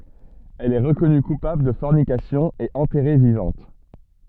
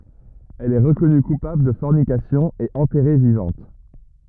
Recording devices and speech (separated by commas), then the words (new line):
soft in-ear microphone, rigid in-ear microphone, read sentence
Elle est reconnue coupable de fornication et enterrée vivante.